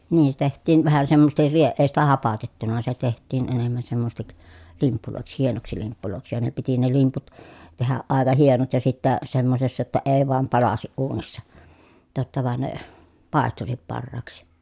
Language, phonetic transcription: Finnish, niin se teht̆tiin vähä semmosestir rie- , èi sitä hapatettuna se teht̆tiin enemmän semmosᵉˢtik , limppulòiks hienoksi limppulòiksi ja ne piti ne limput , tehäʼ ʼàeka hienot ja sittä , semmosessa jotta ee voam palasiʼ ʼuunissa , totta van ne , pàestusip parraaksi .
- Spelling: niin se tehtiin vähän semmoisesti - ei sitä hapatettu se tehtiin enemmän semmoiseksi limpuiksi hienoksi limpuiksi ja ne piti ne limput tehdä aika hienot ja sitten semmoisessa jotta ei vain palaisi uunissa totta vaan ne paistuisi parhaaksi

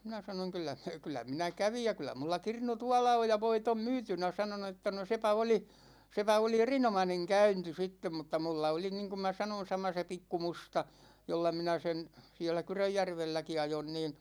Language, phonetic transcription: Finnish, 'minä 'sanoŋ » 'kyl̆lä , kyl̆lä 'minä "kävij ja 'kyl̆lä mulla 'kirnu "tuala oj ja "voit ‿om 'myytynä « 'sano no että » no 'sepä oli , 'sepä oli "erinomaneŋ 'käynti 'sittem « mutta 'mulla oli 'niiŋkum mä sanon̬ 'sama se 'pikku 'musta , 'jolla 'minä sen , 'sie̬llä "Kyröjjärvelläki 'ajon niin ,.
- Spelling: minä sanoin kyllä kyllä minä kävin ja kyllä minulla kirnu tuolla on ja voit on myytynä sanoi no että no sepä oli sepä oli erinomainen käynti sitten mutta minulla oli niin kuin minä sanoin sama se pikku musta jolla minä sen siellä Kyrönjärvelläkin ajoin niin

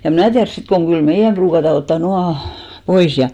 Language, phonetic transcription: Finnish, ja em 'mnä̀ tiärs 'sit koŋ 'ɢyl "meijäm pruukata 'ottà 'nuaʰ , 'pois ja .
- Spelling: ja en minä tiedä sitten kun kyllä meidän ruukataan ottaa nuo pois ja

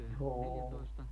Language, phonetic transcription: Finnish, 'ohooon .
- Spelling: on

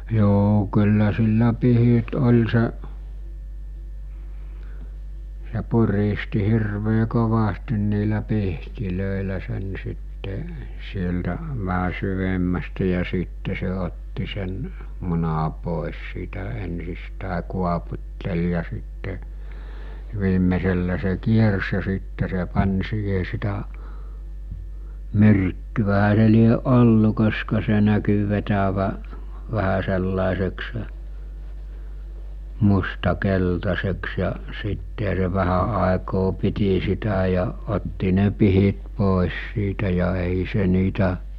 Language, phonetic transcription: Finnish, 'joo kyllä sillä 'pihit 'ol̜ se’ , se 'puristi 'hirvee 'kovastin niilä 'pihtilö̀elä sen sitte , sieltä , väɦä 'syvemmästä ja siitte se otti sen , muna pòes siitä ensistä̀e kuaput̜tel ja sitte , 'viimmesellä se se 'kiers ja siitte se 'pan̜ 'siihe sitä , 'myrkkyvähä se lieˀ 'ˀollu koska se näky vetävä , 'vähä sellàeseksᴇ ; 'musta 'keltaseks ja , 'sittehä se 'vähä àekoo 'piti sitä ja , 'otti ne 'pihit 'pòes siitä ja 'èi 'se niitä ,.
- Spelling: joo kyllä sillä pihdit oli se se puristi hirveän kovasti niillä pihdeillä sen sitten sieltä vähän syvemmästä ja sitten se otti sen munan pois siitä ensistään kuoputteli ja sitten viimeisellä se se kiersi ja sitten se pani siihen sitä myrkkyähän se lie ollut koska se näkyi vetävän vähän sellaiseksi mustan keltaiseksi ja sittenhän se vähän aikaa piti sitä ja otti ne pihdit pois siitä ja ei se niitä

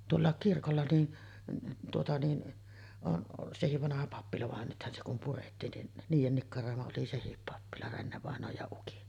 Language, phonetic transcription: Finnish, 'tuollàek 'kirkolla ni , tuota ni , on sehiv 'vanaha 'pappila van nythän se kum 'purettiin nin , 'niijen nikkaròema oli "sehip 'pappila , 'Renne-vàeǹooj ja ukin .
- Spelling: tuolla kirkolla niin tuota niin on sekin vanha pappila vaan nythän se kun purettiin niin niiden nikkaroima oli sekin pappila Renne-vainajan ja ukin

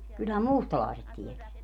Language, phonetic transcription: Finnish, kylhäm "mùstalàeset 'tieteä .
- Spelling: kyllähän mustalaiset tietää

